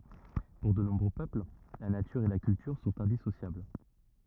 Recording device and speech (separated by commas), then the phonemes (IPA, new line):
rigid in-ear microphone, read sentence
puʁ də nɔ̃bʁø pøpl la natyʁ e la kyltyʁ sɔ̃t ɛ̃disosjabl